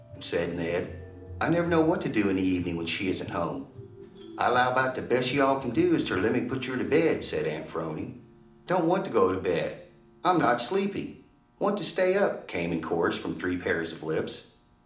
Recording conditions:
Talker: one person; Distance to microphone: 2.0 m; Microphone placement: close; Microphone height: 99 cm; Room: medium-sized (5.7 m by 4.0 m); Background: music

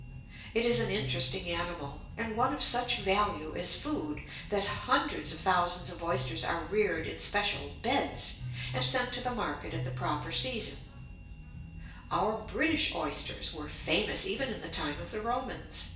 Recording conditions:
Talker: one person; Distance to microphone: 1.8 m; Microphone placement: close; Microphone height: 1.0 m; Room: large; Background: music

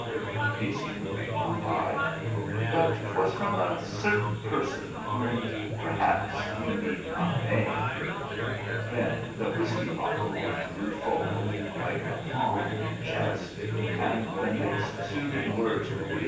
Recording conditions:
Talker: one person; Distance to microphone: 9.8 m; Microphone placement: far; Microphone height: 1.8 m; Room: large; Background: babble

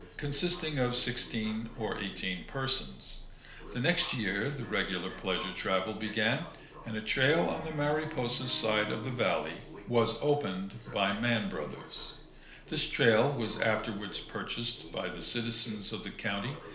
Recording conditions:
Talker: one person; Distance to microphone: 1.0 m; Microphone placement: close; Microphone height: 1.1 m; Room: small (3.7 m by 2.7 m); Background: television

